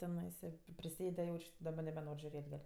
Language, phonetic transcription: Lithuanian, teˈnaisa prisˈėde jauč' daˈba nebeˈnor' žiuˈrėt' dar

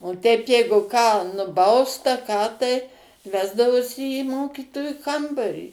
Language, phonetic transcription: Lithuanian, o teip ˈjeigu ką nuˈbaust a ˈką tai ˈvesdavosi į ˈmokytoju ˈkambarį

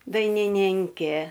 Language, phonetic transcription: Lithuanian, dainiˈninkė

